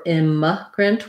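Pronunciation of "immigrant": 'Immigrant' has first-syllable stress and is said with a schwa sound rather than an I sound.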